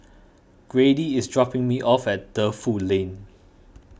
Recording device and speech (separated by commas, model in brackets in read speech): boundary microphone (BM630), read sentence